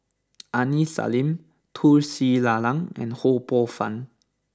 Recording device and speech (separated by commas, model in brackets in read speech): standing microphone (AKG C214), read sentence